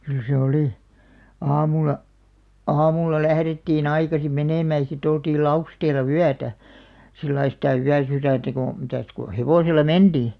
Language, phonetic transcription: Finnish, kyl se 'olì , 'aamul̆la , "aamulla 'lährettii'n ‿aikasim 'menèmä̀ ʲᵃ si't ‿oltiil 'Lausteel̆la "wyätä , 'sillai sitä "yäsyrä̀ntä ko , mitä̀s ko 'hevosel̆la "menᴅii .
- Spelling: kyllä se oli aamulla aamulla lähdettiin aikaisin menemään ja sitten oltiin Lausteella yötä sillä lailla sitä yösydäntä kun mitäs kun hevosella mentiin

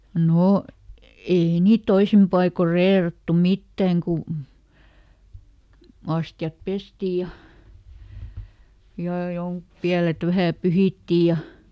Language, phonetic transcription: Finnish, ˈnò , ˈei niit ˈtoisim paikor "reerattu "mittäŋ ku , ˈastjap ˈpesti ja , jà ˈjoŋk- , "piälet ˈvähä̀ ˈpyhìtti ja ,.
- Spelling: no ei niitä toisin paikoin reerattu mitään kun astiat pestiin ja ja - pielet vähän pyhittiin ja

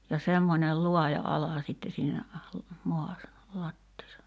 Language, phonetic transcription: Finnish, ja 'semmońel "luaja 'ala sitte siinä , moas(sa) , lattiisa .
- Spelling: ja semmoinen laaja ala sitten siinä maassa lattiassa

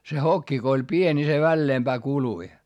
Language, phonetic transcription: Finnish, se hokki ko oĺ pień ni se välleemBää kului .
- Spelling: se hokki kun oli pieni niin se väleempään kului

